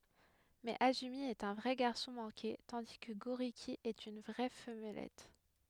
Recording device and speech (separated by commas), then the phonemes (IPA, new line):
headset microphone, read sentence
mɛz azymi ɛt œ̃ vʁɛ ɡaʁsɔ̃ mɑ̃ke tɑ̃di kə ɡoʁiki ɛt yn vʁɛ famlɛt